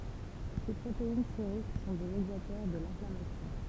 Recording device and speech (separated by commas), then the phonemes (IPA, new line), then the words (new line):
temple vibration pickup, read sentence
se pʁotein seʁik sɔ̃ de medjatœʁ də lɛ̃flamasjɔ̃
Ces protéines sériques sont des médiateurs de l'inflammation.